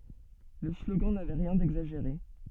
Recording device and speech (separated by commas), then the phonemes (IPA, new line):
soft in-ear microphone, read sentence
lə sloɡɑ̃ navɛ ʁjɛ̃ dɛɡzaʒeʁe